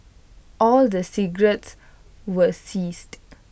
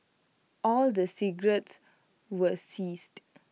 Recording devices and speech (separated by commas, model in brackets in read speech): boundary microphone (BM630), mobile phone (iPhone 6), read sentence